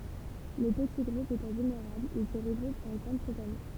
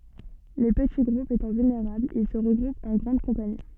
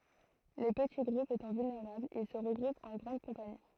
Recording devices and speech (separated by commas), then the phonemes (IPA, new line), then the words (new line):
temple vibration pickup, soft in-ear microphone, throat microphone, read sentence
le pəti ɡʁupz etɑ̃ vylneʁablz il sə ʁəɡʁupt ɑ̃ ɡʁɑ̃d kɔ̃pani
Les petits groupes étant vulnérables, ils se regroupent en grandes compagnies.